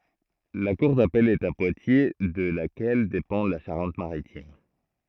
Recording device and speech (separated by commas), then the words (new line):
throat microphone, read sentence
La cour d'appel est à Poitiers de laquelle dépend la Charente-Maritime.